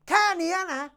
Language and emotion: Thai, angry